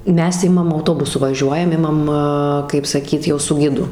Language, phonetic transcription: Lithuanian, ˈmes ˈimam auˈtobusu vaˈžiuojam ˈimam kaip saˈkyt ˈjau su ˈgidu

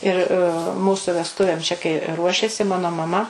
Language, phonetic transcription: Lithuanian, ir ˈmūsu vesˈtuvėm čia kai ˈruošėsi ˈmano maˈma

